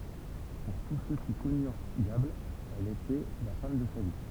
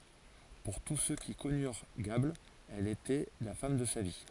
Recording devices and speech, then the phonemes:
temple vibration pickup, forehead accelerometer, read sentence
puʁ tus sø ki kɔnyʁ ɡabl ɛl etɛ la fam də sa vi

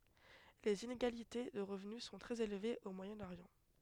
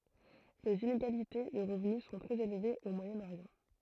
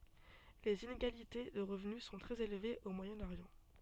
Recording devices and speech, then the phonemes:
headset microphone, throat microphone, soft in-ear microphone, read sentence
lez ineɡalite də ʁəvny sɔ̃ tʁɛz elvez o mwajɛ̃ oʁjɑ̃

